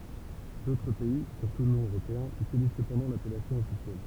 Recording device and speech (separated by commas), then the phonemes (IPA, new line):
temple vibration pickup, read sentence
dotʁ pɛi syʁtu nɔ̃ øʁopeɛ̃z ytiliz səpɑ̃dɑ̃ lapɛlasjɔ̃ ɔfisjɛl